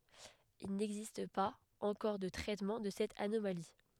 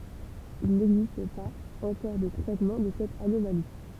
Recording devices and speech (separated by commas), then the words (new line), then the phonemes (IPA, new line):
headset microphone, temple vibration pickup, read sentence
Il n'existe pas encore de traitement de cette anomalie.
il nɛɡzist paz ɑ̃kɔʁ də tʁɛtmɑ̃ də sɛt anomali